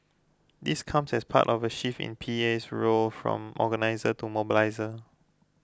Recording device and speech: close-talking microphone (WH20), read sentence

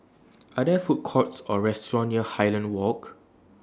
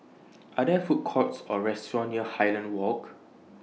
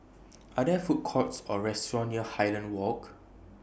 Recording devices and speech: standing microphone (AKG C214), mobile phone (iPhone 6), boundary microphone (BM630), read sentence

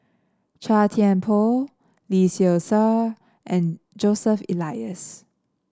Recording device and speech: standing microphone (AKG C214), read sentence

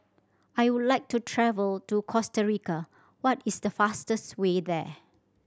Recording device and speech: standing microphone (AKG C214), read sentence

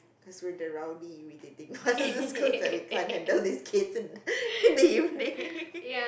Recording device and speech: boundary microphone, conversation in the same room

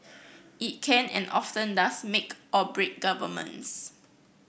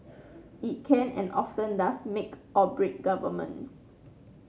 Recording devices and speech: boundary microphone (BM630), mobile phone (Samsung C9), read sentence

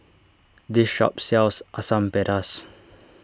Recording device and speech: standing microphone (AKG C214), read sentence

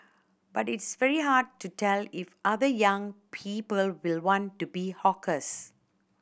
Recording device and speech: boundary microphone (BM630), read sentence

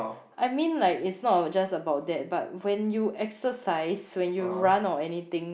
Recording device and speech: boundary microphone, conversation in the same room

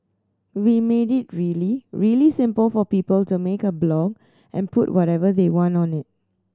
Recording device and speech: standing microphone (AKG C214), read sentence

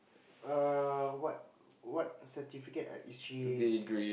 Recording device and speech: boundary microphone, conversation in the same room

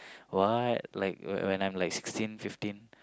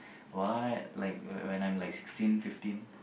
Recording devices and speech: close-talking microphone, boundary microphone, conversation in the same room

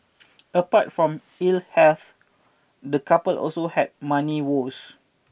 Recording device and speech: boundary microphone (BM630), read sentence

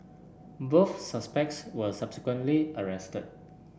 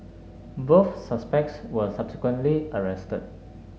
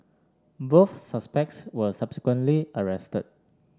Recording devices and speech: boundary microphone (BM630), mobile phone (Samsung S8), standing microphone (AKG C214), read sentence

